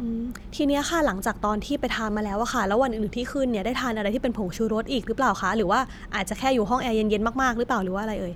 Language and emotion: Thai, neutral